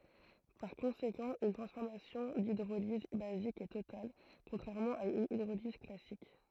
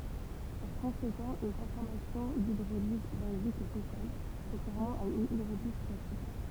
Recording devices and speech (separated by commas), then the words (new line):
throat microphone, temple vibration pickup, read sentence
Par conséquent une transformation d'hydrolyse basique est totale contrairement à une hydrolyse classique.